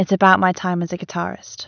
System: none